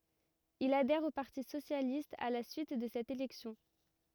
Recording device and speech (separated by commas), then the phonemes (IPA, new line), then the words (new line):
rigid in-ear microphone, read sentence
il adɛʁ o paʁti sosjalist a la syit də sɛt elɛksjɔ̃
Il adhère au Parti socialiste à la suite de cette élection.